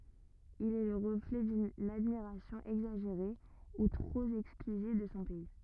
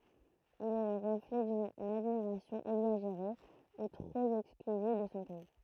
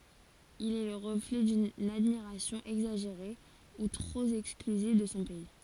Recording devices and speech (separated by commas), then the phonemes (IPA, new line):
rigid in-ear microphone, throat microphone, forehead accelerometer, read sentence
il ɛ lə ʁəflɛ dyn admiʁasjɔ̃ ɛɡzaʒeʁe u tʁop ɛksklyziv də sɔ̃ pɛi